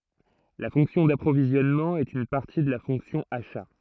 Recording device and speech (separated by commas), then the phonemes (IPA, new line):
throat microphone, read sentence
la fɔ̃ksjɔ̃ dapʁovizjɔnmɑ̃ ɛt yn paʁti də la fɔ̃ksjɔ̃ aʃa